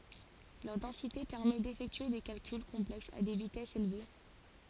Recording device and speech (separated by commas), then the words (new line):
forehead accelerometer, read sentence
Leur densité permet d'effectuer des calculs complexes à des vitesses élevées.